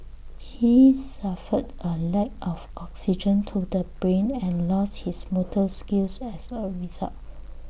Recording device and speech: boundary microphone (BM630), read sentence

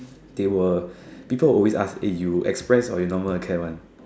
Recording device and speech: standing microphone, conversation in separate rooms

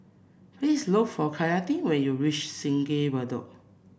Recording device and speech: boundary microphone (BM630), read sentence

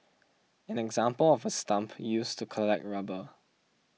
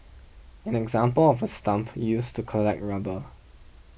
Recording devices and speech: mobile phone (iPhone 6), boundary microphone (BM630), read sentence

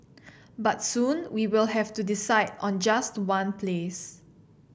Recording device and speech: boundary microphone (BM630), read sentence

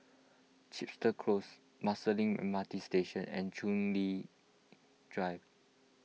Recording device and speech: mobile phone (iPhone 6), read sentence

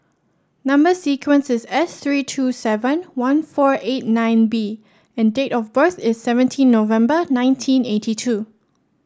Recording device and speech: standing microphone (AKG C214), read sentence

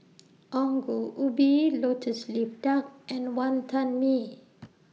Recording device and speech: mobile phone (iPhone 6), read sentence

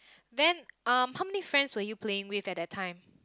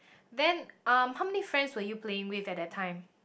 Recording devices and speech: close-talking microphone, boundary microphone, conversation in the same room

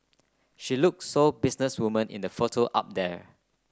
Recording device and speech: close-talking microphone (WH30), read sentence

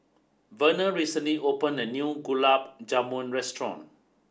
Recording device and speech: standing microphone (AKG C214), read sentence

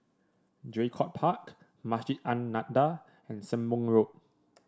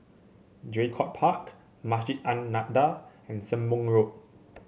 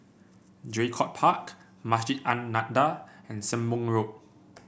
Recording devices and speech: standing microphone (AKG C214), mobile phone (Samsung C7), boundary microphone (BM630), read sentence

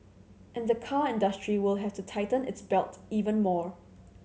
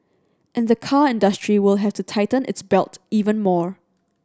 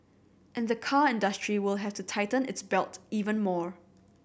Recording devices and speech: mobile phone (Samsung C7100), standing microphone (AKG C214), boundary microphone (BM630), read sentence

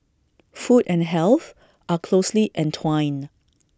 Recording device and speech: standing microphone (AKG C214), read sentence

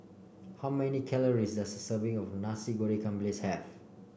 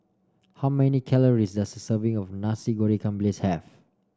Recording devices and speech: boundary microphone (BM630), standing microphone (AKG C214), read sentence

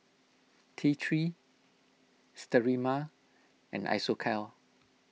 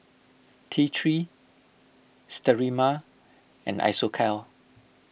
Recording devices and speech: mobile phone (iPhone 6), boundary microphone (BM630), read sentence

